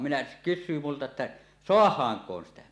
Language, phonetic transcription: Finnish, minä , 'kys̆syy multa että , » "soah̀aaŋk̀oon 'sitä « .
- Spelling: minä kysyy minulta että saadaankohan sitä

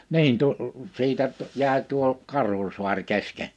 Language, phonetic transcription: Finnish, niin tu- , 'siitä , 'jä̀e tuo 'Karhusuaŕ 'keske .
- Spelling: niin - siitä jäi tuo Karhusaari kesken

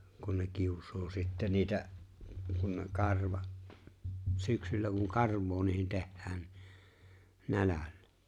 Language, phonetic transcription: Finnish, kun ne 'kius̀oo sitte 'niitä’ , kun ne 'karva’ , 'syksyllä kun "karv̆voo niihi̬n 'tehhään ni , "nälällᴀ̈ .
- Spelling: kun ne kiusaa sitten niitä kun ne karva syksyllä kun karvaa niihin tehdään niin nälällä

